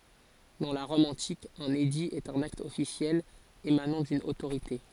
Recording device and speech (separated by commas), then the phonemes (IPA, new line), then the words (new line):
forehead accelerometer, read sentence
dɑ̃ la ʁɔm ɑ̃tik œ̃n edi ɛt œ̃n akt ɔfisjɛl emanɑ̃ dyn otoʁite
Dans la Rome antique, un édit est un acte officiel émanant d'une autorité.